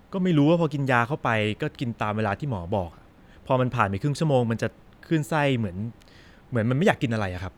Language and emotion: Thai, neutral